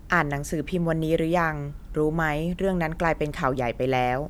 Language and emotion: Thai, neutral